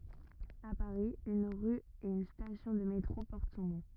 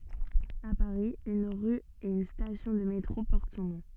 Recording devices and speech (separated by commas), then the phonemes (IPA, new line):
rigid in-ear microphone, soft in-ear microphone, read sentence
a paʁi yn ʁy e yn stasjɔ̃ də metʁo pɔʁt sɔ̃ nɔ̃